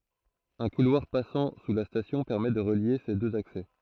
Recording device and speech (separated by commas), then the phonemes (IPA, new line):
throat microphone, read sentence
œ̃ kulwaʁ pasɑ̃ su la stasjɔ̃ pɛʁmɛ də ʁəlje se døz aksɛ